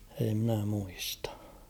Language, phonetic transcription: Finnish, ei mⁱnä muistᴀ .
- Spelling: ei minä muista

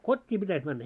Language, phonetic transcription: Finnish, 'kot́t́ii pitäs männä .
- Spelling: kotiin pitäisi mennä

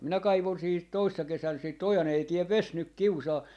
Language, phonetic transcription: Finnish, minä 'kaivon siihit 'toissa 'kesän sìt "oja'n ‿ei 'tiɛv "ves 'nyk "kiusaa .
- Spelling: minä kaivoin siihen toissa kesänä sitten ojan ei tee vesi nyt kiusaa

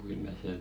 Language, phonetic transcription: Finnish, kyllä se ,.
- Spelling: kyllä se

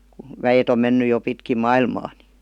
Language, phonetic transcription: Finnish, ku 'väjet ‿om menny jo 'pitkim̆ "mailmaa NI .
- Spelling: kun väet on mennyt jo pitkin maailmaa niin

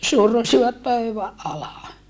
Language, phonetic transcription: Finnish, survosivat pöyväʼ ʼala .
- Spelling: survoivat pöydän alle

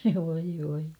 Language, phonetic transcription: Finnish, voi voi .
- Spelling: voi voi

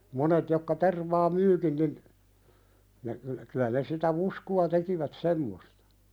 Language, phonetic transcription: Finnish, 'monet jokka 'tervaa "myykin nin , ne (ne) kylä ne sitä "vusku₍a 'tekivät "semmostᴀ .
- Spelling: monet jotka tervaa myyvätkin niin ne ne kyllä ne sitä fuskua tekivät semmoista

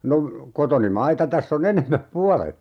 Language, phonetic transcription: Finnish, 'no , 'kotoni "maita täss ‿o'n ‿enem̆mäp "pualet .
- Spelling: no kotoni maita tässä on enemmät puolet

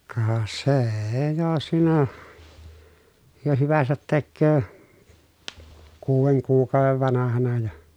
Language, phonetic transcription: Finnish, ka see₍e jo siinä , jo hyväsät tekköö , kuuveŋ kuuk̀àovev vanahana ja .
- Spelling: ka se jo siinä jo hyvänsä tekee kuuden kuukauden vanhana ja

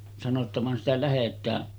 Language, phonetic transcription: Finnish, sano ‿tta » van sitä 'lähet̆tää « .
- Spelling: sanoi jotta vaan sitä lähdetään

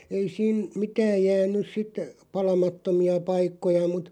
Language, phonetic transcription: Finnish, 'ei siin̬ , 'mitääʲ jään̆nys 'sit , "palamattomi₍a 'paikkoja mut ,.
- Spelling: ei siinä mitään jäänyt sitten palamattomia paikkoja mutta

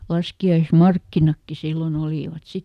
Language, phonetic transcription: Finnish, ˈlaski₍ais"markkinakki ˈsillon ‿olìvat ˈsit .
- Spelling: laskiaismarkkinatkin silloin olivat sitten

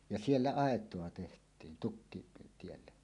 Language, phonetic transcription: Finnish, ja 'siellä "àet̀oa 'teht̀iin 'tukkitielle .
- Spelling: ja siellä aitaa tehtiin tukkitielle

